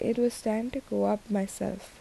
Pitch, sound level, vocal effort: 220 Hz, 76 dB SPL, soft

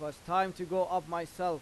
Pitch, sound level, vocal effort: 180 Hz, 95 dB SPL, loud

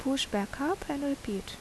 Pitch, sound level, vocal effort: 275 Hz, 75 dB SPL, normal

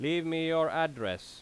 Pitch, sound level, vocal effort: 160 Hz, 93 dB SPL, very loud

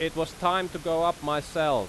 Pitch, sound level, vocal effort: 165 Hz, 94 dB SPL, very loud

